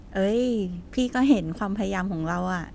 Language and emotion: Thai, happy